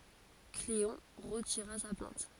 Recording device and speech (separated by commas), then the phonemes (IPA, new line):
forehead accelerometer, read sentence
kleɔ̃ ʁətiʁa sa plɛ̃t